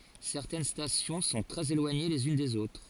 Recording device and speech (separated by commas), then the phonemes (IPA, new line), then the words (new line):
forehead accelerometer, read sentence
sɛʁtɛn stasjɔ̃ sɔ̃ tʁɛz elwaɲe lez yn dez otʁ
Certaines stations sont très éloignées les unes des autres.